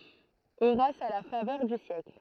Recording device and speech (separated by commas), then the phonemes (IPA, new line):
throat microphone, read sentence
oʁas a la favœʁ dy sjɛkl